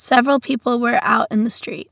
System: none